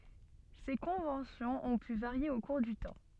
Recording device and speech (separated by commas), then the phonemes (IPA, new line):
soft in-ear microphone, read sentence
se kɔ̃vɑ̃sjɔ̃z ɔ̃ py vaʁje o kuʁ dy tɑ̃